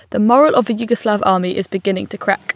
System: none